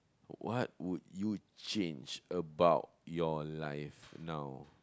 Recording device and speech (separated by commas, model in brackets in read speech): close-talking microphone, conversation in the same room